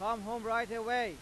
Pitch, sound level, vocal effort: 230 Hz, 102 dB SPL, very loud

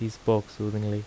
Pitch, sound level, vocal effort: 105 Hz, 80 dB SPL, soft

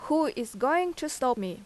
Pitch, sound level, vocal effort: 260 Hz, 86 dB SPL, loud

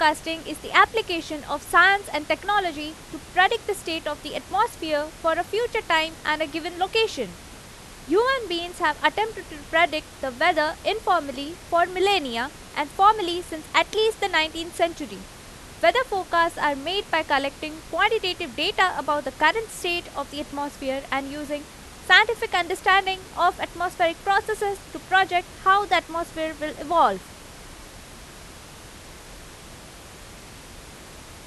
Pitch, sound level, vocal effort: 335 Hz, 92 dB SPL, very loud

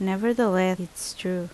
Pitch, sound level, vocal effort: 185 Hz, 78 dB SPL, normal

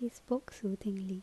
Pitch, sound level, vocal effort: 205 Hz, 72 dB SPL, soft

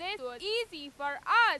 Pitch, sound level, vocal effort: 360 Hz, 104 dB SPL, very loud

